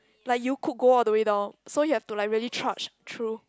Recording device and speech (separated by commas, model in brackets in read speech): close-talking microphone, conversation in the same room